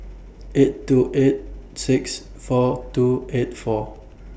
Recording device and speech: boundary microphone (BM630), read sentence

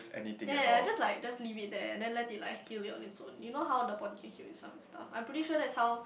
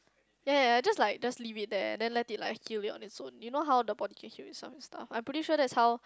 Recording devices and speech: boundary microphone, close-talking microphone, conversation in the same room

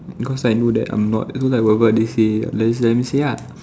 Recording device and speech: standing microphone, conversation in separate rooms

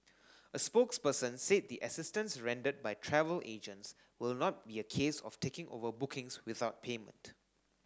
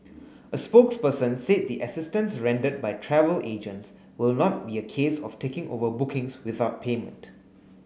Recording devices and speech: standing microphone (AKG C214), mobile phone (Samsung S8), read sentence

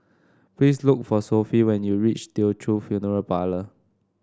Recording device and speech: standing microphone (AKG C214), read sentence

